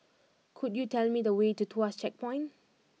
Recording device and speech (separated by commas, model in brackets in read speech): mobile phone (iPhone 6), read sentence